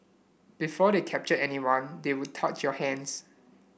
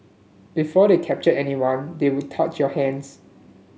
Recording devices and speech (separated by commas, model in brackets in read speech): boundary microphone (BM630), mobile phone (Samsung S8), read sentence